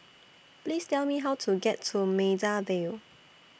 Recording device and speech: boundary microphone (BM630), read sentence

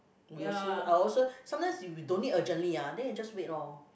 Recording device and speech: boundary microphone, conversation in the same room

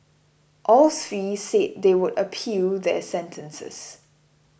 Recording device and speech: boundary microphone (BM630), read sentence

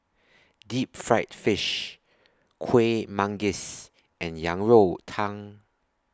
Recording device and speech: standing microphone (AKG C214), read sentence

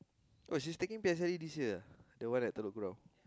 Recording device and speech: close-talking microphone, conversation in the same room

